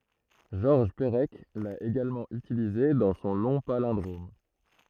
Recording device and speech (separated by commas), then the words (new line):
throat microphone, read sentence
Georges Perec l'a également utilisé dans son long palindrome.